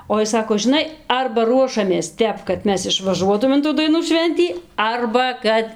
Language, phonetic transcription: Lithuanian, o ˈis ˈsako žiˈnai ˈarba ˈruošamės ˈtep kad ˈmes išvaˈžuotūm in ˈtų daiˈnų ˈšventį ˈarba ˈkad

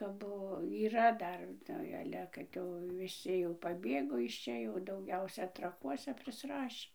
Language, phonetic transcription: Lithuanian, kap ˈbuvo yˈra ˈdar ˈnu ˈale kad jau viˈsi jau paˈbėgo iš ˈčia jau dauˈgiausia traˈkuose prisˈrašį

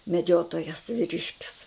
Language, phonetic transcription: Lithuanian, meˈdžiotojas viˈriškis

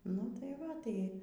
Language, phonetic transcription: Lithuanian, nu tai ˈva tai

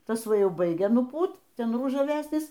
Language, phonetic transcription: Lithuanian, ˈtas ˈva ˈjau ˈbaigia nuˈpūt ˈten ružaˈvesnis

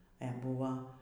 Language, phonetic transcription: Lithuanian, e ˈbuva

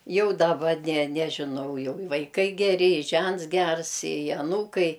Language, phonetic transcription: Lithuanian, ˈjau daˈba ne ˈnežinau jau i vaiˈkai geˈri i ˈžents ˈgers i aˈnūkai

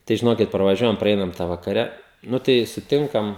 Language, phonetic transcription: Lithuanian, tai žiˈnokit praˈvažiuojam praˈeinam tą vakaˈre ˈnu tai suˈtinkam

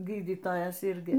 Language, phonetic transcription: Lithuanian, ˈgydytojas ˈirgi

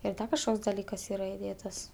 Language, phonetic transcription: Lithuanian, ir ˈda kažˈkoks daˈlykas ˈyra iˈdėtas

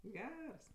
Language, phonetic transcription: Lithuanian, ˈgers

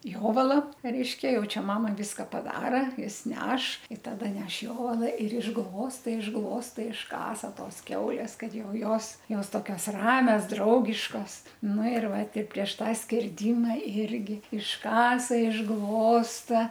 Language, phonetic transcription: Lithuanian, ˈjovala reiškia ˈjau ˈčia ˈmama ˈviska paˈdara ˈjis ˈneš i ˈtada ˈneš ˈjovala ir išˈglosta išˈglosta išˈkasa ˈtos ˈkiaulės ˈkad ˈjau ˈjos ˈjos ˈtokios ˈramias ˈdraugiškos ˈnu ir ˈva ˈti prieš ˈtą skerˈdima ˈirgi išˈkasa išˈglosta

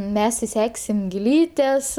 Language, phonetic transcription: Lithuanian, ˈmes iˈseksim gilˈytes

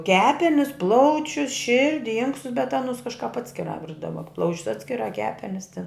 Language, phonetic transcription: Lithuanian, ˈkepenis ˈplaučius ˈširdi ˈinkstus bet ˈanus ˈkažkap ˈatskirā ˈvirdava ˈplaučius ˈatskirā ˈkepenis tin

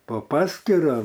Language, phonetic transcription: Lithuanian, po ˈpaskyra

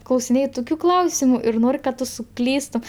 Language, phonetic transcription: Lithuanian, klausiˈnėj ˈtukiu ˈklausimu ir ˈnor' kad ˈtu suˈklystum

